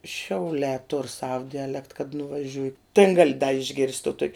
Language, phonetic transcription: Lithuanian, šiauˈlē tur sav diaˈlekt kad nuvaˈžiuj tėn ˈgali išˈgirst' to tok'

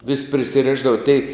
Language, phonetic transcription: Lithuanian, vis' prisiˈrišdava tei

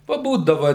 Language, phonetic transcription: Lithuanian, paˈbūdava

